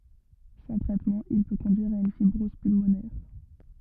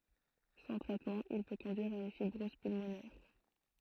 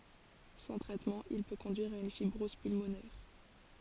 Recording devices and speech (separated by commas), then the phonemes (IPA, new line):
rigid in-ear microphone, throat microphone, forehead accelerometer, read sentence
sɑ̃ tʁɛtmɑ̃ il pø kɔ̃dyiʁ a yn fibʁɔz pylmonɛʁ